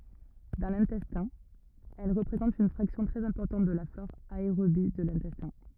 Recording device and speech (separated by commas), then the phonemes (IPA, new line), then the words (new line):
rigid in-ear microphone, read sentence
dɑ̃ lɛ̃tɛstɛ̃ ɛl ʁəpʁezɑ̃tt yn fʁaksjɔ̃ tʁɛz ɛ̃pɔʁtɑ̃t də la flɔʁ aeʁobi də lɛ̃tɛstɛ̃
Dans l'intestin, elles représentent une fraction très importante de la flore aérobie de l'intestin.